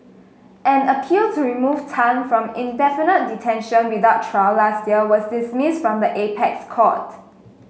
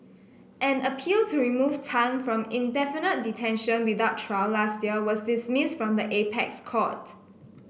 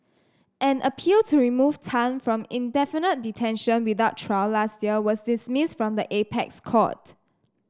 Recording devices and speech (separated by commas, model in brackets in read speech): mobile phone (Samsung S8), boundary microphone (BM630), standing microphone (AKG C214), read sentence